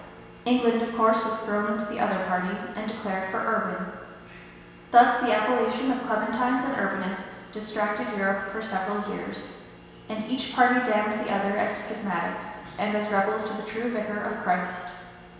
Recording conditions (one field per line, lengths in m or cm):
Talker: one person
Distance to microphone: 1.7 m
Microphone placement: close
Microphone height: 1.0 m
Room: very reverberant, large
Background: none